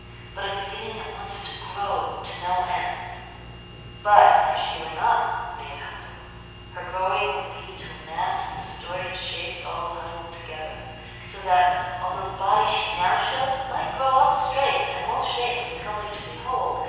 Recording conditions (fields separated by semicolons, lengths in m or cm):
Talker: one person; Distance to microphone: 7.1 m; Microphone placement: far; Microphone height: 1.7 m; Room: very reverberant, large; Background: none